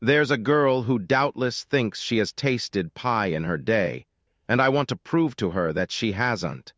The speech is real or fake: fake